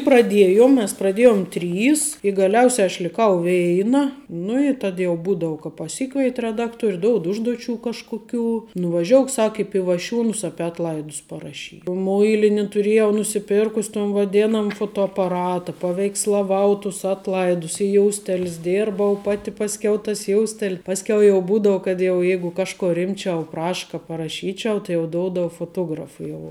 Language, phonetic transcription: Lithuanian, praˈdiejom mes praˈdėjom ˈtrys i gaˈliausia aš liˈkau ˈveina nu i ˈtad jau ˈbūdau ka paˈsikveit' reˈdakˌtuor' ˈdoud ˈužduˌčių ˈkažkuˌkių nuvaˈžiouk ˈsak i pivaˈšiūnus ˈapi atˈlaidus paraˈšy ˈmuilini tuˈrėjau nusiˈpirkus' ton vaˈdėnam fotoapaˈrata paveikslaˈvau tus ˈatˌlaidus i ˈjoustel's ˈdirbau ˈpati pasˈkiau tas ˈjoustel' ˈpaskiau jau ˈbūdau kad jau ˈjeigu ˈkažko ˈrimčiau ˈpraša ka paraˈšyčiau tai ˈjau ˈdoudava foˈtografa jau

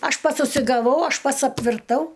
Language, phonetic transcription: Lithuanian, ˈaš ˈpats užsigaˈvau ˈaš ˈpats apvirˈtau

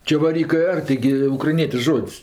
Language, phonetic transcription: Lithuanian, čevaˈrykɜ ˈar taiˈgi ukraiˈnietiš ˈžod's'

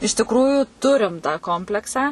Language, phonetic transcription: Lithuanian, iš tikˈrųju ˈturim tą ˈkompleksą

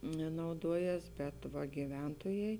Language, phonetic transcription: Lithuanian, nauˈduoˌjes bet va giˈventojai

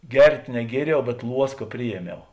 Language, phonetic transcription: Lithuanian, ˈgert' neˈgieriau bet ˈluoska ˈprijieˌmiau

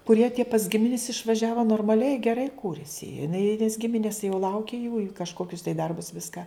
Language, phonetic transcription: Lithuanian, kuˈrie tie pas ˈgiminis išvaˈžiavo normaˈliai geˈrai ˈkūrisi jiˈnai nes ˈgiminis jau ˈlauki jų i kažˈkokius tai ˈdarbus ˈviska

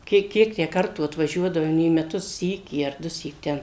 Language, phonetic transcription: Lithuanian, ˈkiek ˈkiek tę ˈkartų atvaˈžiuodavom į meˈtus ˈsykį ar ˈdusyk ˈten

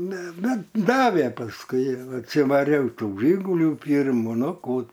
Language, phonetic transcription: Lithuanian, ne ˈbet ˈdavė pasˈkui atsivaˈriau ˈtų ˈžigulių ˈpyrmu ˈnu ˈkų

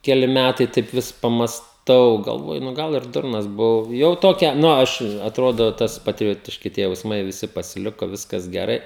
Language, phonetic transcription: Lithuanian, keˈli ˈmætai taip ˈvis pamasˈtau galˈvoju nu ˈgal ir ˈdurnas buˈvau jau ˈtokia ˈnu ˈaš atˈrodo ˈtas patriˈjotiški tie jausˈmai viˈsi pasiˈliko ˈviskas geˈrai

